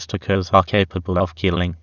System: TTS, waveform concatenation